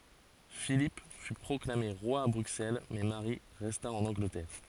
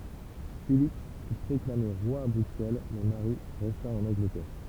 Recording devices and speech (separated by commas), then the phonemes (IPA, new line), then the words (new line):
forehead accelerometer, temple vibration pickup, read sentence
filip fy pʁɔklame ʁwa a bʁyksɛl mɛ maʁi ʁɛsta ɑ̃n ɑ̃ɡlətɛʁ
Philippe fut proclamé roi à Bruxelles mais Marie resta en Angleterre.